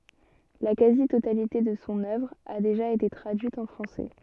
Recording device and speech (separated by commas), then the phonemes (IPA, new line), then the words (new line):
soft in-ear microphone, read sentence
la kazi totalite də sɔ̃ œvʁ a deʒa ete tʁadyit ɑ̃ fʁɑ̃sɛ
La quasi-totalité de son œuvre a déjà été traduite en français.